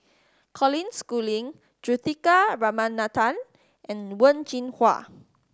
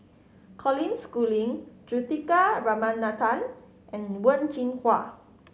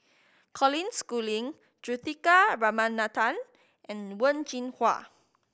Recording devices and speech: standing microphone (AKG C214), mobile phone (Samsung C5010), boundary microphone (BM630), read sentence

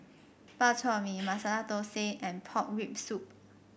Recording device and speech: boundary microphone (BM630), read sentence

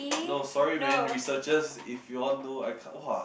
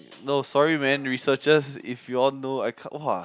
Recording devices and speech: boundary microphone, close-talking microphone, conversation in the same room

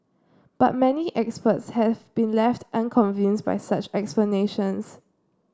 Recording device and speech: standing microphone (AKG C214), read sentence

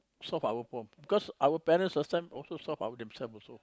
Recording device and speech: close-talking microphone, conversation in the same room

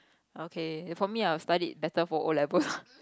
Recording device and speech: close-talking microphone, conversation in the same room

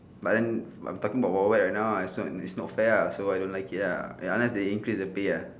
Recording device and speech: standing microphone, conversation in separate rooms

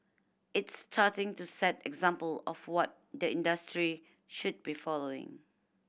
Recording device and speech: boundary microphone (BM630), read sentence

